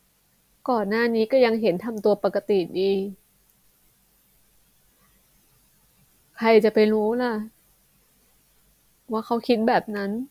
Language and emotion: Thai, sad